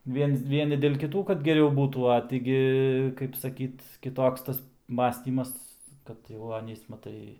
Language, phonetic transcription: Lithuanian, ˈviens ˈvieni dėl kiˈtų kad geˈriau ˈbūtų a tį ˈgi kaip saˈkyt kiˈtoks ˈtas ˈmąstymas ˈkad jau ˈanys maˈtai

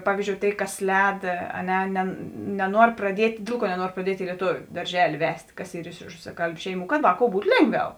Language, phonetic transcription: Lithuanian, ˈpavyzdžiou ˈtėi ˈkas ˈlēd a ˈne ˈne neˈnuor praˈdiet' ˈdėl ˌkuo neˈnuor praˈdiet' i lieˈtoviu darˈželi ˈvest' ˈkas ˈyr iš rusaˈkalbiu ˈšeiˌmų kad ˈvāˌkou ˈbūt ˈlėnˌgviau

